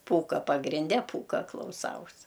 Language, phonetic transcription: Lithuanian, ˈpūka pagrinˈde ˈpūka klauˈsaus

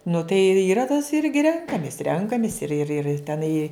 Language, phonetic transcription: Lithuanian, nu tai i yˈra tas ˈirgi ˈrenkamis ˈrenkamis ir ir ir teˈnai

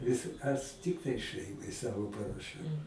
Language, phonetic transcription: Lithuanian, ˈvis as ˈtiktai ˈšɜimai ˈsavo paraˈšiau

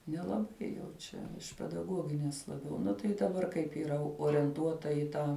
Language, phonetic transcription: Lithuanian, nelaˈbai jau ˈčia iš pedaˈguogines laˈbiau ˈnu tai daˈbar kaip yˈra orienˈtuota i ˈtą

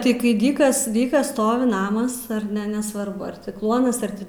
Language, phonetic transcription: Lithuanian, ˈtai kai ˈdykas ˈdykas ˈstovi ˈnamas ar ˈne nesvarˈbu ar ti ˈkluonas ar ˈti

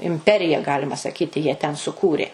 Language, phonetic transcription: Lithuanian, imˈperija ˈgalima saˈkyti jie ten suˈkūrė

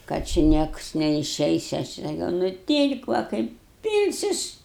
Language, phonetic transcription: Lithuanian, kad či ˈnieks neiˈšeis ˈaš i saˈkiau nuˈtyl'k' va ˈkaip ˈpylsius

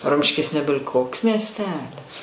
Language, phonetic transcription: Lithuanian, ˈrumškis ˈnebil' ˈkoks miesˈtelis

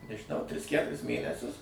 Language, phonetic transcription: Lithuanian, nežiˈnau ˈtris ˈkæturis ˈmėnesius

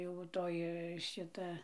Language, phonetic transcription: Lithuanian, jau ˈtoj ˈšita

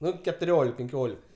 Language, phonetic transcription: Lithuanian, ˈnu ketuˈriolik penˈkiolik

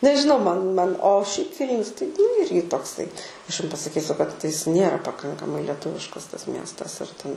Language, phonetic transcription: Lithuanian, nežiˈnau ˈman ˈman o šiaip ˈvylnius tai nu ˈirgi tokˈsai ˈaš jum pasaˈkysiu kad ˈjis ˈnėra paˈkankamai leˈtuviškas tas ˈmiestas ir ˈten

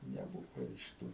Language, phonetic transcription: Lithuanian, neˈbūva iš ˈtų

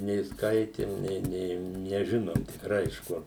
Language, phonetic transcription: Lithuanian, nė ˈskaitim ˈnė ˈnė neˈžinom tikˈrai iš ˈkur

